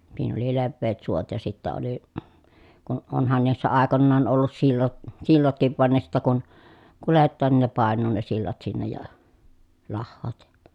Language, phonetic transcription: Finnish, (s)iin ‿oli levveet suot ja sittä oli , kun onhan niissä àekonnaan ollus sillo- , sillotkiv van ne sittä kun , kulettaan nin ne pàen̆nuu ne sillat sinnej ja , lahhoot jA .
- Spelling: siinä oli leveät suot ja sitten oli kun onhan niissä aikoinaan ollut - sillatkin vaan ne sitten kun kuljetaan niin ne painuu ne sillat sinne ja lahoavat ja

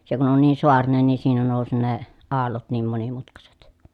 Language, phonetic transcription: Finnish, se kun on nii soarinen ni siinä nòusi ne , aallot niim monimutkaset .
- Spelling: se kun on niin saarinen niin siinä nousi ne aallot niin monimutkaiset

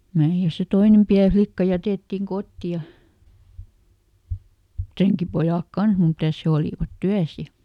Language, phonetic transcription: Finnish, (menivät ja) se "toinem ˈpiä ˈflikka ˈjätèttiŋ "kotti ja , "treŋkipojàk ˈkans mitä̀s ˈhe olìvat "tyäs ja ,.
- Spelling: menivät ja se toinen pieni likka jätettiin kotiin ja renkipojat kanssa mitäs he olivat työssä ja

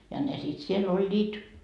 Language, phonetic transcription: Finnish, ja ne sit 'siel "oĺĺiit .
- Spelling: ja ne sitten siellä olivat

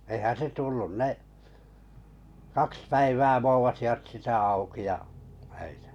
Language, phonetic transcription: Finnish, eⁱhän 'se 'tullun 'ne , 'kaks päivää 'voovasivat 'sitä auki ja , (öitä) .
- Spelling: eihän se tullut ne kaksi päivää voovasivat sitä auki ja öitä

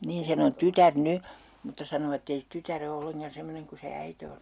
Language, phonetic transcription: Finnish, 'niin 'sen ‿on 'tytär "ny , mutta 'sanovat ‿[et]tei se 'tytär ‿o 'olleŋkan 'semmoneŋ ku se 'äite on .
- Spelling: niin sen on tytär nyt mutta sanovat että ei se tytär ole ollenkaan semmoinen kuin se äiti on

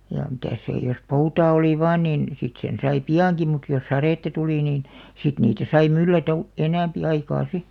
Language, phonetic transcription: Finnish, ja 'mitä̀s sè jos "poutaa 'oli "vaan nìn , 'sit sen sai "pi₍àŋki mut jos "sarètta 'tulì niin , 'sit niitä sai 'myllätä u- , "enä̀mpi 'aikaa "si .
- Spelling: ja mitäs se jos poutaa oli vain niin sitten sen sai piankin mutta jos sadetta tuli niin sitten niitä sai myllätä - enempi aikaa sitten

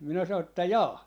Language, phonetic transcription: Finnish, 'minä 'sanon että » "jaa .
- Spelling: minä sanoin että jaa

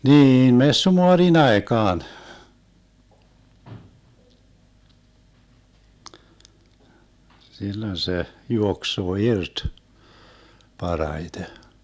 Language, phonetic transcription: Finnish, 'niin "messumoarin 'aekaan , 'sillon 'se , 'juoksoo "irt , 'paraite .
- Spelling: niin messumaarin aikaan silloin se juoksee irti parhaiten

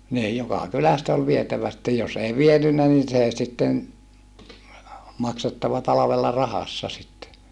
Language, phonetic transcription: Finnish, niij jokà kyläst ‿ol vietävä sⁱttej jos ‿ei vienynnä nin sè sitten , maksettava talavella rahassa sitte .
- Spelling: niin joka kylästä oli vietävä sitten jos ei vienyt niin se sitten maksettava talvella rahassa sitten

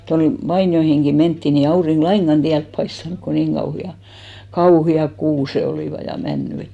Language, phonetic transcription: Finnish, toin , 'vainjoihiŋɢi 'mentti ni ei 'auriŋɢ "laiŋɢan 'tiälp paistanᵘk ko 'niŋ kauhi₍a , "kauhi₍ak "kuuse 'olìva , ja 'männy et .
- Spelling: toin vainioihinkin mentiin niin ei aurinko lainkaan tielle paistanut kun niin kauheat kauheat kuuset olivat ja männyt että

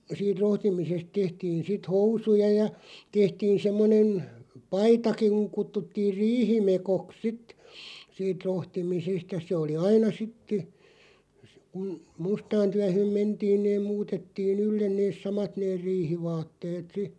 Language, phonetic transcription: Finnish, siit 'rohtimisest 'tehtiin sit "housuja ja , 'tehtiin 'semmonen , "paitakiŋ (kuŋ) 'kuttuttiiʳ "riihimekok 'sit , 'siit "rohtimisest ja se oli 'aina 'sitte , kun , "mustaan 'tyähö̀m 'mentiin neeᵐ 'muutettii"n ‿yllen neeˢ "samat neer 'riihivaatteet 'si .
- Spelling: siitä rohtimisesta tehtiin sitten housuja ja tehtiin semmoinen paitakin kun kutsuttiin riihimekot sitten siitä rohtimisesta ja se oli aina sitten kun mustaan työhön mentiin ne muutettiin ylle ne samat ne riihivaatteet sitten

